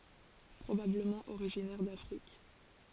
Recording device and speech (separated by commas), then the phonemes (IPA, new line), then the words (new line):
forehead accelerometer, read sentence
pʁobabləmɑ̃ oʁiʒinɛʁ dafʁik
Probablement originaire d'Afrique.